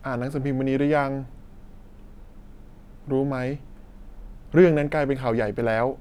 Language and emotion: Thai, frustrated